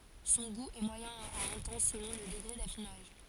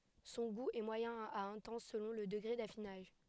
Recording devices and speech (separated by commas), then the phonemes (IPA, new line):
forehead accelerometer, headset microphone, read sentence
sɔ̃ ɡu ɛ mwajɛ̃ a ɛ̃tɑ̃s səlɔ̃ lə dəɡʁe dafinaʒ